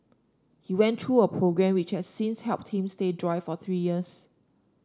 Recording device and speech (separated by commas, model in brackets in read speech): standing microphone (AKG C214), read sentence